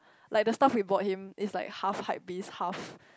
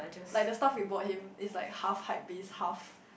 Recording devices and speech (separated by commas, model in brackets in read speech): close-talking microphone, boundary microphone, conversation in the same room